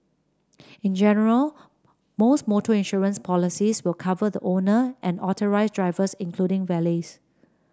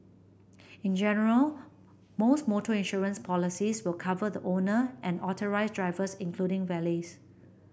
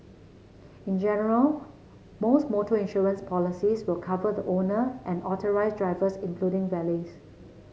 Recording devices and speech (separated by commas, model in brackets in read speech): standing microphone (AKG C214), boundary microphone (BM630), mobile phone (Samsung C7), read sentence